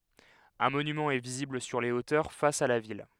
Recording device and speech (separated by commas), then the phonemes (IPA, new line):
headset microphone, read sentence
œ̃ monymɑ̃ ɛ vizibl syʁ le otœʁ fas a la vil